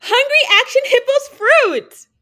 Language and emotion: English, happy